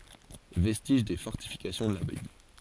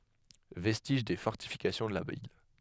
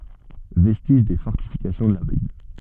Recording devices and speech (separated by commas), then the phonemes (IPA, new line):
forehead accelerometer, headset microphone, soft in-ear microphone, read sentence
vɛstiʒ de fɔʁtifikasjɔ̃ də la vil